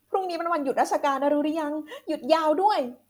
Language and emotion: Thai, happy